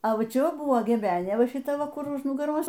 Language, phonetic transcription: Lithuanian, a ˈva ˈčia ˈva ˈbuvo geˈbenė ˈva šiˈta ˈva ˈkur už nugaˈros

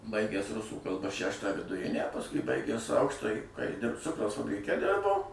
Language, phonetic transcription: Lithuanian, ˈbaigęs ˈrusų kalˈba ˈšæštą viduˈrinę pasˈkui ˈbaigęs ˈaukštąjį ką ji ˈdirb ˈcukraus fabriˈke ˈdirbo

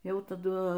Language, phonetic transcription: Lithuanian, ˈjau taˈdu

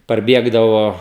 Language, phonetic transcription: Lithuanian, parˈbiegdavo

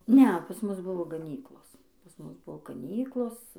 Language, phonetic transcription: Lithuanian, ˈne pas ˈmus ˈbuvo gaˈnyklos pas ˈmus ˈbuvo gaˈnyklos

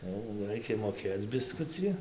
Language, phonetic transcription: Lithuanian, jau ˈraikia moˈkėc biˈskuci

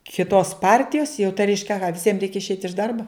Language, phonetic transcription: Lithuanian, kiˈtos ˈpartijos jau tai ˈreiškia aˈha viˈsiem ˈreikia išˈeit' iš ˈdarbo

